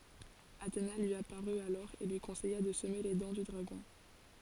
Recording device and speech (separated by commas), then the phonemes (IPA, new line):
forehead accelerometer, read sentence
atena lyi apaʁy alɔʁ e lyi kɔ̃sɛja də səme le dɑ̃ dy dʁaɡɔ̃